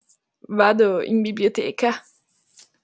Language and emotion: Italian, disgusted